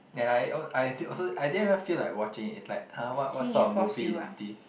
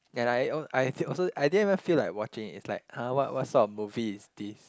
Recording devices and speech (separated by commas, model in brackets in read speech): boundary microphone, close-talking microphone, conversation in the same room